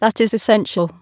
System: TTS, waveform concatenation